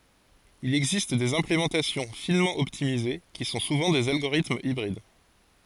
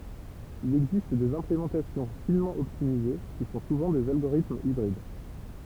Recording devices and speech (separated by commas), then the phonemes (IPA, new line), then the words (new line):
forehead accelerometer, temple vibration pickup, read sentence
il ɛɡzist dez ɛ̃plemɑ̃tasjɔ̃ finmɑ̃ ɔptimize ki sɔ̃ suvɑ̃ dez alɡoʁitmz ibʁid
Il existe des implémentations finement optimisées, qui sont souvent des algorithmes hybrides.